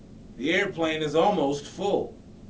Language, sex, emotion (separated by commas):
English, male, angry